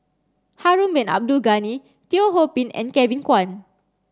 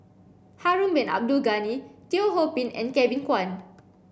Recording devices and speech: standing microphone (AKG C214), boundary microphone (BM630), read sentence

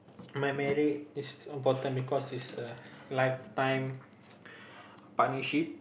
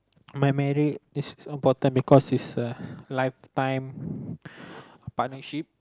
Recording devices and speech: boundary microphone, close-talking microphone, conversation in the same room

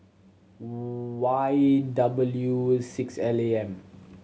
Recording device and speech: mobile phone (Samsung C7100), read sentence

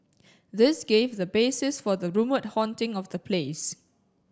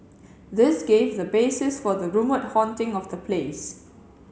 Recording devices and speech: standing microphone (AKG C214), mobile phone (Samsung C7), read sentence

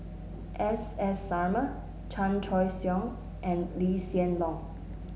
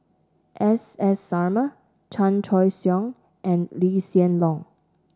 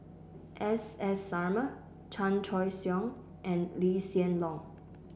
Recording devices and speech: mobile phone (Samsung S8), standing microphone (AKG C214), boundary microphone (BM630), read sentence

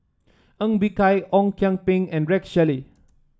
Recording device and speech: standing microphone (AKG C214), read sentence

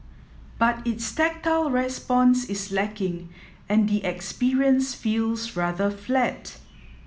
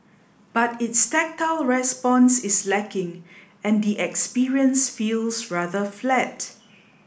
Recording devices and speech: mobile phone (iPhone 7), boundary microphone (BM630), read sentence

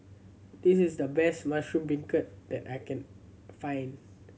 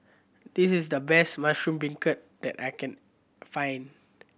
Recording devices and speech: mobile phone (Samsung C7100), boundary microphone (BM630), read sentence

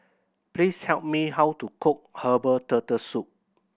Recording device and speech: boundary microphone (BM630), read sentence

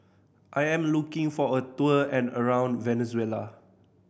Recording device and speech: boundary microphone (BM630), read sentence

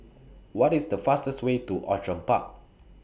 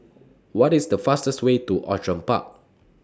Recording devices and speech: boundary microphone (BM630), standing microphone (AKG C214), read sentence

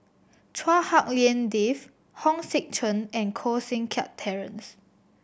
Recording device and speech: boundary microphone (BM630), read sentence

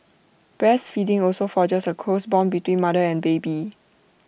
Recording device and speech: boundary microphone (BM630), read sentence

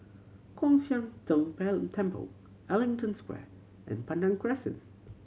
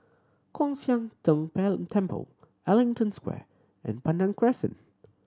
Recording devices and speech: mobile phone (Samsung C7100), standing microphone (AKG C214), read sentence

